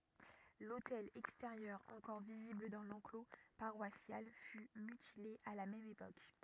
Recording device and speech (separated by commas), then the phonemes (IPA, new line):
rigid in-ear microphone, read sentence
lotɛl ɛksteʁjœʁ ɑ̃kɔʁ vizibl dɑ̃ lɑ̃klo paʁwasjal fy mytile a la mɛm epok